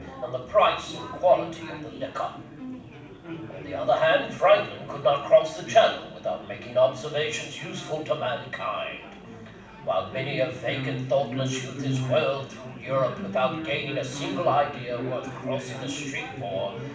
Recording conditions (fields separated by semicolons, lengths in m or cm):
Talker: one person; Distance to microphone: 5.8 m; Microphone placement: far; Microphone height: 1.8 m; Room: medium-sized (5.7 m by 4.0 m); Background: babble